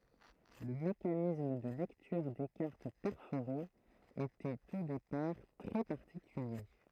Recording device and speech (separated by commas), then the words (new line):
throat microphone, read sentence
Le mécanisme de lecture des cartes perforées était au départ très particulier.